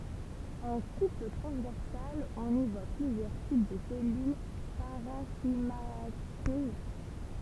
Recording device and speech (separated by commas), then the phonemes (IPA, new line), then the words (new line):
temple vibration pickup, read sentence
ɑ̃ kup tʁɑ̃zvɛʁsal ɔ̃n i vwa plyzjœʁ tip də sɛlyl paʁɑ̃ʃimatøz
En coupe transversale on y voit plusieurs types de cellules parenchymateuses.